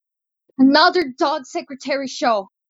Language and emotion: English, sad